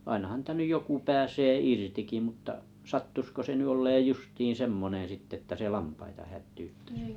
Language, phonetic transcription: Finnish, ainahan nⁱtä nyʲ 'joku 'pääsee "irtiki mut̆ta , 'sattusko se ny 'olleej 'justiin 'semmonen̬ sittᵉ ᵉttä 'se "lampaita hättyyttᴀ̈s .
- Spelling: ainahan niitä nyt joku pääsee irtikin mutta sattuisiko se nyt olemaan justiin semmoinen sitten että se lampaita hätyyttäisi

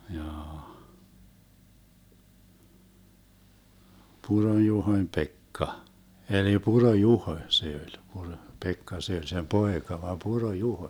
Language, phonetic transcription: Finnish, 'jaa , 'Puron-Juhoⁱm "Pekka , eli 'Puro-"Juhoⁱ 'se oĺ , Puro- , Pekka se oĺ sem "poeka vam 'Puro-"Juhoⁱ .
- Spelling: jaa Puron-Juhon Pekka eli Puro-Juho se oli - Puro-Pekka se oli sen poika vain Puro-Juho

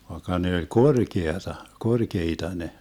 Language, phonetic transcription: Finnish, vaekka 'ne oĺ "korkeata , 'korkeita 'ne .
- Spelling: vaikka ne oli korkeaa korkeita ne

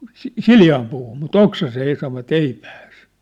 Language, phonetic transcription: Finnish, si- "siljaam puuhum mu"t ‿oksasee ei savvat "ei pääs .
- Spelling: - sileään puuhun mutta oksaiseen ei sanoivat ei pääse

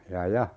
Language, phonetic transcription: Finnish, 'ja "ja ,.
- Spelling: ja ja

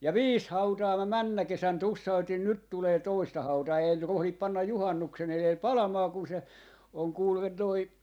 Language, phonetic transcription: Finnish, ja "viis 'hautaa mä 'männä 'kesän 'tussautin 'nyt tulee "toista 'hautaa ei nyt 'rohlip 'pannaj 'juhannuksen 'elel "palamaa kun se , oŋ kuule toi ,.
- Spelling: ja viisi hautaa minä mennä kesänä tussautin nyt tulee toista hautaa ei nyt rohdi panna juhannuksen edellä palamaan kun se on kuule tuo

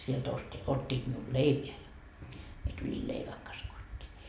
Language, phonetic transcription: Finnish, sielt osti , 'ot́t́iit miul "leipeä ja , mie tuĺi "leiväŋ kas 'kot́t́ii .
- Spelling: sieltä osti ottivat minulle leipää ja minä tulin leivän kanssa kotiin

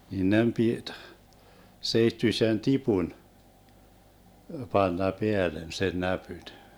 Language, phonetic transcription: Finnish, nin 'nem 'pit , 'seittyⁱsen "tipun , 'panna 'peälen 'sen "näpyn .
- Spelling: niin niiden piti seittyisen tipun panna päälle sen näpyn

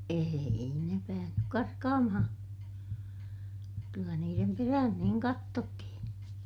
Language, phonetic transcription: Finnish, eei ne päähnyk karkaamahaa̰ , kyllä niirem perähän niiŋ kattottihin .
- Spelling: ei ne päässyt karkaamaan kyllä niiden perään niin katsottiin

